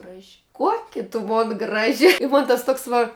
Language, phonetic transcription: Lithuanian, ˈgraži ˈkuoki tu ˈmon ˈgraži i mon tas ˈtuoks va

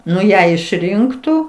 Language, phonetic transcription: Lithuanian, ˈnu ˈją išˈrinktų

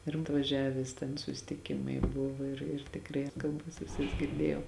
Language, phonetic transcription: Lithuanian, ir atvaˈžiavęs ten susitiˈkimai ˈbuvo ir ir tikˈrai ir kalˈbas viˈsas girˈdėjau

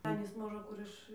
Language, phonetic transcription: Lithuanian, ˈanys ˈmožə ˈkur iš

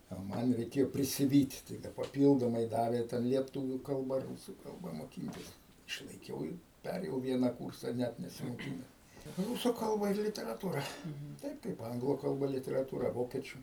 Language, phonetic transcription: Lithuanian, o ˈman reiˈkėjo prisiˈvyt' tai ˈda paˈpyldomai ˈdavė ˈten lieˈtuvių ˈkalba ˈrūsų ˈkalba moˈkyntis išlaiˈkiau ir ˈperėjau ˈviena ˈkūrsa ˈnæt nesimoˈkines ˈrusų ˈkalba ir literaˈtūra ˈtaip kaip ˈanglų kalˈba literaˈtūra ˈvokiečiu

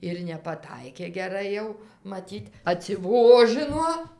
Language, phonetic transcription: Lithuanian, ir nepaˈtaikė geˈrai jau maˈtyt atsiˈvožɨno

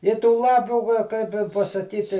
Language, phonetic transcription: Lithuanian, i tų ˈlapių ka ˈkaip i pasaˈkyti

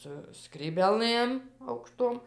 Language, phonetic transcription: Lithuanian, su skrybėˈlɘm aukˈštom

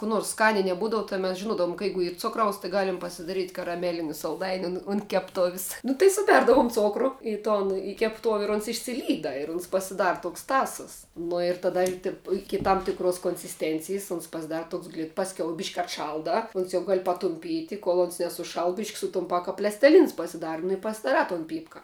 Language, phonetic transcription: Lithuanian, kų ˈnors ˈskania i neˈbūdavu tai mes žiˈnuodavum ka ˈjeigu ˈyr ˈcukraus tai ˈgalim pasidaˈryt' karaˈmeliniu salˈdainiu nu un kepˈtovis ˈnu tai suˈberdavum ˈcokru ˈi ˌton i keˈptov' ir ons išsiˈlyda ir uns pasiˈdara ˈtoks ˈtąsos ˈnu ir taˈda ir tip ˈiki tam tikˈros konsisˈtencijs ons pasiˈdara ˈtoks glit pasˈkiau ˈbišk atˈšaldā ˈons jau ˈgal patumˈpyti kol ons nesuˈšal ˈbišk' sutumˈpā ka plesteˈlins pasiˈdar nu i pasidaˈrā ton ˈpypka

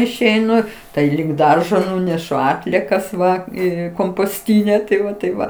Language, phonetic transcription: Lithuanian, išeiˈnu ˈtai lig ˈdaržo ˈnunešu ˈatliekas va ˈį komposˈtyne tai ˈva taip ˈva

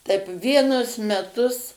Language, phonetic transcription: Lithuanian, taip ˈvienus meˈtus

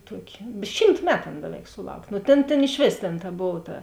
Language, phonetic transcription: Lithuanian, ˈtuoki ˈšymt ˈmetu ˈan ˈbeˌveik suˈlauk' nu ˈtėn ˈtėn iš ˈvės tėn ta ˈbov ta

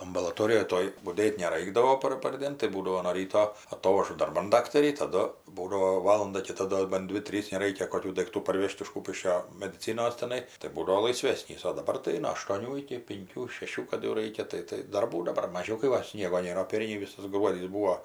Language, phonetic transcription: Lithuanian, ambalaˈtorijoj ˈtoj buˈdėt' neˈraikdavo ˈpar parˈdėn tai ˈbūdavo no ˈryto aˈtovažu darˈban ˈdaktarį taˈdu ˈbūdavo ˈvalanda kiˈta ˈdo ban ˈdvi ˈtrys neˈraikia koˈkių daikˈtų parˈvėžt iš ˈkūpiškio mediˈcinos teˈnai tai ˈbūdavau laiˈsvesnys o daˈbar tai no aštoˈnių iki pinˈkių šeˈšių kad jau ˈraikia ˈtai tai darˈbų daˈbar maˈžiau kai ˈva ˈsniego ˈnėra o ˈperniai ˈvisas ˈgruodys ˈbūo

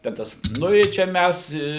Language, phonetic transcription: Lithuanian, ten ˈtas ˈnu i ˈčia ˈmæs i

